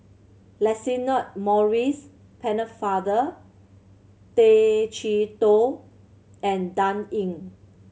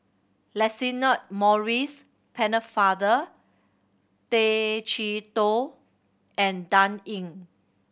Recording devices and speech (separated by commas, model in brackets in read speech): mobile phone (Samsung C7100), boundary microphone (BM630), read sentence